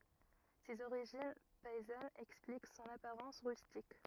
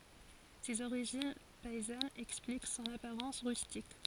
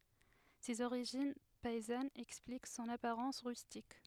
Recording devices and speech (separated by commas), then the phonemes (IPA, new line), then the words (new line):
rigid in-ear microphone, forehead accelerometer, headset microphone, read sentence
sez oʁiʒin pɛizanz ɛksplik sɔ̃n apaʁɑ̃s ʁystik
Ses origines paysannes expliquent son apparence rustique.